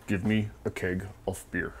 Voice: deep voice